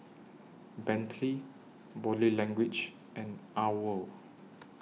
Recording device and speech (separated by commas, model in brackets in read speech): mobile phone (iPhone 6), read sentence